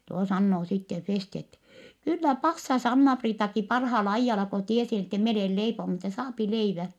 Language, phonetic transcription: Finnish, tuo sannoo sitte Festi ettɛ , » kyllä passas Anna-Priitaki parhaal ‿aijjala ko tiesi ettɛ mi olèl leiponu ettɛ saapi leivä . »
- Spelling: tuo sanoo sitten Festi että kyllä passasi Anna-Priitakin parhaalla ajalla kun tiesi että minä olen leiponut että saa leivän

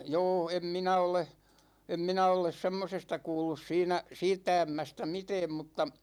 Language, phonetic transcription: Finnish, 'jo̭o̭ , 'em "minä ole , 'em "minä oles "semmosesta 'kuullus 'siinä , "siittä 'ämmästä "mitɛɛm mutta ,.
- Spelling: joo en minä ole en minä ole semmoisesta kuullut siinä siitä ämmästä mitään mutta

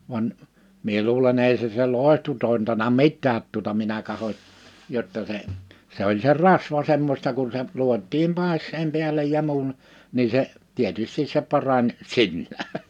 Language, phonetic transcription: Finnish, van , mie luulen 'èi se se "lòehtu tòintana 'mit̆täät tuᵒta minä kahoⁱ , 'jotta se , se ‿oĺ se "rasva semmośta kun se , 'luot̆tiim 'pàes̆seem piälej ja muun , 'nii se , 'tietystis se 'parań , "sinnää .
- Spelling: vaan minä luulen ei se se loitsu tointanut mitään tuota minä katsoin jotta se se oli se rasva semmoista kun se luotiin päässeen päälle ja muun niin se tietysti se parani sinänsä

